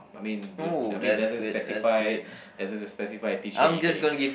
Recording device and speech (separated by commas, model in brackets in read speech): boundary microphone, conversation in the same room